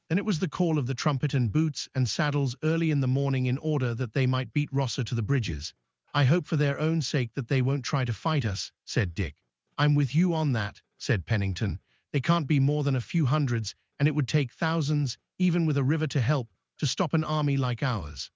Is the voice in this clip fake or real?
fake